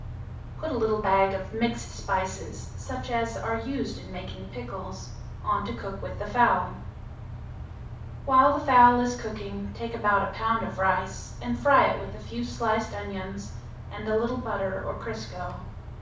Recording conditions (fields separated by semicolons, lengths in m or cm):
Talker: one person; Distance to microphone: 5.8 m; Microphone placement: far; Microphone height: 1.8 m; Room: medium-sized (5.7 m by 4.0 m); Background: none